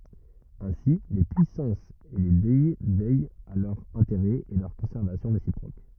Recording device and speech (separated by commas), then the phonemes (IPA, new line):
rigid in-ear microphone, read sentence
ɛ̃si le pyisɑ̃sz e le dɛ vɛjt a lœʁz ɛ̃teʁɛz e lœʁ kɔ̃sɛʁvasjɔ̃ ʁesipʁok